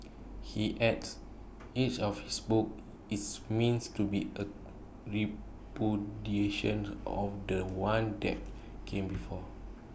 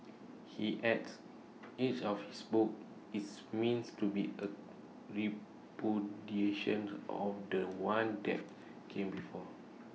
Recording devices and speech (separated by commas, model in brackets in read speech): boundary microphone (BM630), mobile phone (iPhone 6), read sentence